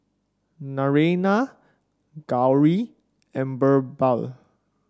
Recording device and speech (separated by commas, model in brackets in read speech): standing microphone (AKG C214), read sentence